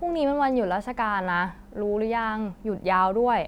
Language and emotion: Thai, frustrated